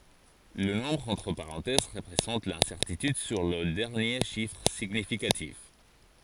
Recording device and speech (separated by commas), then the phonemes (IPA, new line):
forehead accelerometer, read sentence
lə nɔ̃bʁ ɑ̃tʁ paʁɑ̃tɛz ʁəpʁezɑ̃t lɛ̃sɛʁtityd syʁ lə dɛʁnje ʃifʁ siɲifikatif